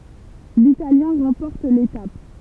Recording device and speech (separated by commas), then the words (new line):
temple vibration pickup, read sentence
L'Italien remporte l'étape.